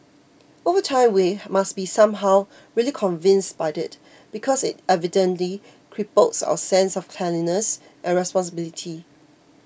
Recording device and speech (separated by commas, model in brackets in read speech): boundary microphone (BM630), read sentence